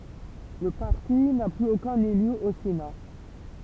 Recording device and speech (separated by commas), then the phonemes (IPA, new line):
temple vibration pickup, read sentence
lə paʁti na plyz okœ̃n ely o sena